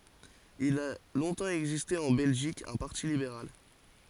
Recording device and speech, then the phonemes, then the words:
forehead accelerometer, read sentence
il a lɔ̃tɑ̃ ɛɡziste ɑ̃ bɛlʒik œ̃ paʁti libeʁal
Il a longtemps existé en Belgique un Parti libéral.

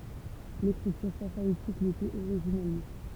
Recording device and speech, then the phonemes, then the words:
temple vibration pickup, read sentence
lekʁityʁ safaitik letɛt oʁiʒinɛlmɑ̃
L'écriture safaïtique l'était originellement.

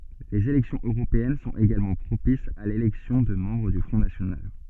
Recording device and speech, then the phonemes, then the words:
soft in-ear microphone, read sentence
lez elɛksjɔ̃z øʁopeɛn sɔ̃t eɡalmɑ̃ pʁopisz a lelɛksjɔ̃ də mɑ̃bʁ dy fʁɔ̃ nasjonal
Les élections européennes sont également propices à l'élection de membres du Front national.

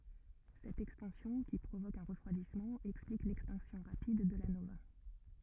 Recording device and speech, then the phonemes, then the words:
rigid in-ear microphone, read sentence
sɛt ɛkspɑ̃sjɔ̃ ki pʁovok œ̃ ʁəfʁwadismɑ̃ ɛksplik lɛkstɛ̃ksjɔ̃ ʁapid də la nova
Cette expansion, qui provoque un refroidissement, explique l'extinction rapide de la nova.

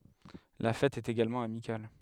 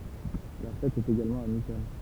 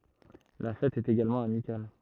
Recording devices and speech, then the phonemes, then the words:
headset microphone, temple vibration pickup, throat microphone, read sentence
la fɛt ɛt eɡalmɑ̃ amikal
La fête est également amicale.

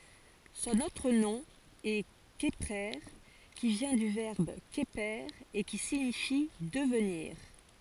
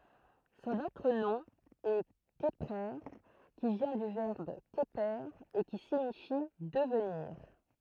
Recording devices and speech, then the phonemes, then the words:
forehead accelerometer, throat microphone, read sentence
sɔ̃n otʁ nɔ̃ ɛ kəpʁe ki vjɛ̃ dy vɛʁb kəpe e ki siɲifi dəvniʁ
Son autre nom est Kheprer, qui vient du verbe Kheper et qui signifie devenir.

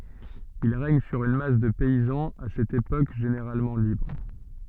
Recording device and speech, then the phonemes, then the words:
soft in-ear microphone, read sentence
il ʁɛɲ syʁ yn mas də pɛizɑ̃z a sɛt epok ʒeneʁalmɑ̃ libʁ
Ils règnent sur une masse de paysans à cette époque généralement libres.

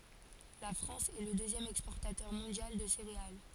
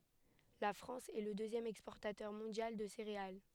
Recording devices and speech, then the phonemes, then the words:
forehead accelerometer, headset microphone, read sentence
la fʁɑ̃s ɛ lə døzjɛm ɛkspɔʁtatœʁ mɔ̃djal də seʁeal
La France est le deuxième exportateur mondial de céréales.

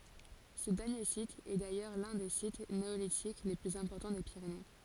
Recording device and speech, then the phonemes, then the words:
forehead accelerometer, read sentence
sə dɛʁnje sit ɛ dajœʁ lœ̃ de sit neolitik le plyz ɛ̃pɔʁtɑ̃ de piʁene
Ce dernier site est d'ailleurs l'un des sites néolithiques les plus importants des Pyrénées.

